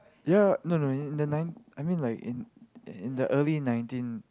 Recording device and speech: close-talking microphone, conversation in the same room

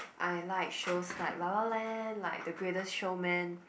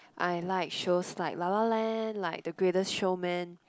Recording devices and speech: boundary microphone, close-talking microphone, conversation in the same room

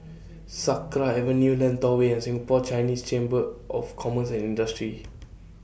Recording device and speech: boundary microphone (BM630), read sentence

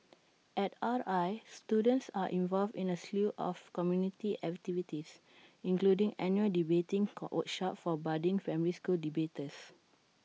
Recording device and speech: mobile phone (iPhone 6), read sentence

